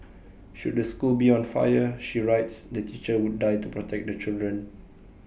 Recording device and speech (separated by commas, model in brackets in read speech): boundary microphone (BM630), read sentence